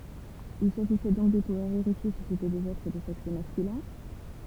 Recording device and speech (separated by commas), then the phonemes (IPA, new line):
temple vibration pickup, read sentence
il saʒisɛ dɔ̃k də puvwaʁ veʁifje si setɛ dez ɛtʁ də sɛks maskylɛ̃